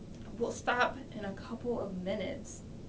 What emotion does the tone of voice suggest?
disgusted